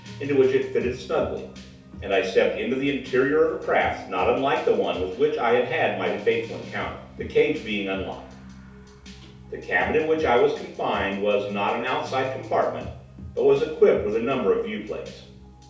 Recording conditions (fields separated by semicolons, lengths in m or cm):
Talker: one person; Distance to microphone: 3.0 m; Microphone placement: far; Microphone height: 1.8 m; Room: small (3.7 m by 2.7 m); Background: music